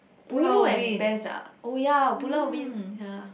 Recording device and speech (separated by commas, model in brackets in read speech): boundary microphone, conversation in the same room